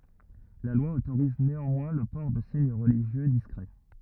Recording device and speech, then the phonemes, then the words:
rigid in-ear microphone, read sentence
la lwa otoʁiz neɑ̃mwɛ̃ lə pɔʁ də siɲ ʁəliʒjø diskʁɛ
La loi autorise néanmoins le port de signes religieux discrets.

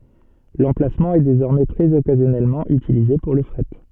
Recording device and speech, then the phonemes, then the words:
soft in-ear microphone, read sentence
lɑ̃plasmɑ̃ ɛ dezɔʁmɛ tʁɛz ɔkazjɔnɛlmɑ̃ ytilize puʁ lə fʁɛt
L'emplacement est désormais très occasionnellement utilisé pour le fret.

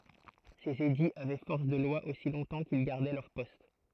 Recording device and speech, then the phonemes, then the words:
throat microphone, read sentence
sez ediz avɛ fɔʁs də lwa osi lɔ̃tɑ̃ kil ɡaʁdɛ lœʁ pɔst
Ces édits avaient force de loi aussi longtemps qu'ils gardaient leur poste.

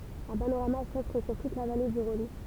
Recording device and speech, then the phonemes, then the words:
temple vibration pickup, read sentence
œ̃ panoʁama sɔfʁ syʁ tut la vale dy ʁɔ̃n
Un panorama s'offre sur toute la vallée du Rhône.

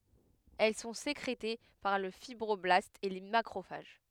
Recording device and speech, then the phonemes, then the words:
headset microphone, read sentence
ɛl sɔ̃ sekʁete paʁ lə fibʁɔblastz e le makʁofaʒ
Elles sont sécrétées par le fibroblastes et les macrophages.

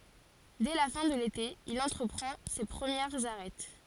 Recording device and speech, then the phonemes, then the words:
forehead accelerometer, read sentence
dɛ la fɛ̃ də lete il ɑ̃tʁəpʁɑ̃ se pʁəmjɛʁz aʁɛt
Dès la fin de l'été, il entreprend ses premières Arêtes.

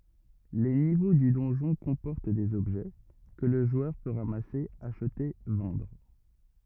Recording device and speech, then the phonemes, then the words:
rigid in-ear microphone, read sentence
le nivo dy dɔ̃ʒɔ̃ kɔ̃pɔʁt dez ɔbʒɛ kə lə ʒwœʁ pø ʁamase aʃte vɑ̃dʁ
Les niveaux du donjon comportent des objets, que le joueur peut ramasser, acheter, vendre.

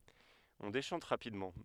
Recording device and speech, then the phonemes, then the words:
headset microphone, read sentence
ɔ̃ deʃɑ̃t ʁapidmɑ̃
On déchante rapidement.

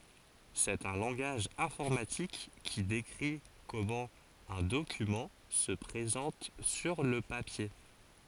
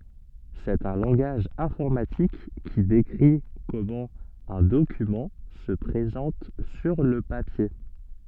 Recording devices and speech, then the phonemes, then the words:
forehead accelerometer, soft in-ear microphone, read sentence
sɛt œ̃ lɑ̃ɡaʒ ɛ̃fɔʁmatik ki dekʁi kɔmɑ̃ œ̃ dokymɑ̃ sə pʁezɑ̃t syʁ lə papje
C'est un langage informatique qui décrit comment un document se présente sur le papier.

